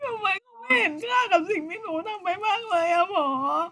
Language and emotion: Thai, sad